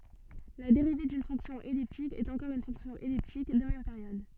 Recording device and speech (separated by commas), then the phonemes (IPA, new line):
soft in-ear microphone, read sentence
la deʁive dyn fɔ̃ksjɔ̃ ɛliptik ɛt ɑ̃kɔʁ yn fɔ̃ksjɔ̃ ɛliptik də mɛm peʁjɔd